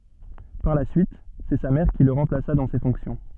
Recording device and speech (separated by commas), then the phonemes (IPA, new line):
soft in-ear microphone, read sentence
paʁ la syit sɛ sa mɛʁ ki lə ʁɑ̃plasa dɑ̃ se fɔ̃ksjɔ̃